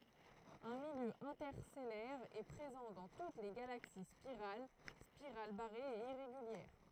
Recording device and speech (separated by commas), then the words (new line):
throat microphone, read sentence
Un milieu interstellaire est présent dans toutes les galaxies spirales, spirales barrées et irrégulières.